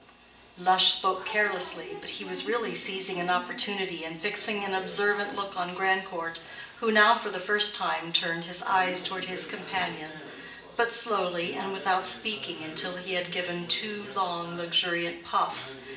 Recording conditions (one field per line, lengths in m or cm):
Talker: one person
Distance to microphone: 1.8 m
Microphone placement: close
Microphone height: 1.0 m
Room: large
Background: television